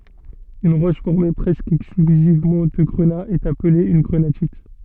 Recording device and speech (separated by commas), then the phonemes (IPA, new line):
soft in-ear microphone, read sentence
yn ʁɔʃ fɔʁme pʁɛskə ɛksklyzivmɑ̃ də ɡʁəna ɛt aple yn ɡʁənatit